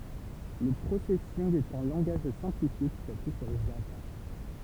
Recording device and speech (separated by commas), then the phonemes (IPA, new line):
temple vibration pickup, read sentence
lə pʁosɛsinɡ ɛt œ̃ lɑ̃ɡaʒ sɛ̃plifje ki sapyi syʁ ʒava